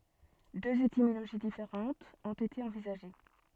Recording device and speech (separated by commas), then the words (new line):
soft in-ear microphone, read sentence
Deux étymologies différentes ont été envisagées.